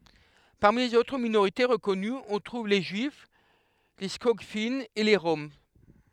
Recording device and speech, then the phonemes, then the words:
headset microphone, read sentence
paʁmi lez otʁ minoʁite ʁəkɔnyz ɔ̃ tʁuv le ʒyif le skɔɡfinz e le ʁɔm
Parmi les autres minorités reconnues, on trouve les juifs, les Skogfinns et les Roms.

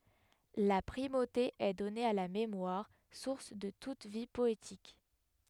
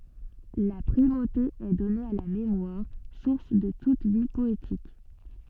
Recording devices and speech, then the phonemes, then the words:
headset microphone, soft in-ear microphone, read sentence
la pʁimote ɛ dɔne a la memwaʁ suʁs də tut vi pɔetik
La primauté est donnée à la mémoire, source de toute vie poétique.

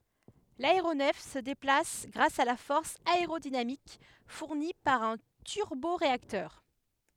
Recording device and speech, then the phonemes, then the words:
headset microphone, read sentence
laeʁonɛf sə deplas ɡʁas a la fɔʁs aeʁodinamik fuʁni paʁ œ̃ tyʁboʁeaktœʁ
L'aéronef se déplace grâce à la force aérodynamique fournie par un turboréacteur.

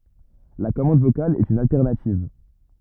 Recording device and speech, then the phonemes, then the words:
rigid in-ear microphone, read sentence
la kɔmɑ̃d vokal ɛt yn altɛʁnativ
La commande vocale est une alternative.

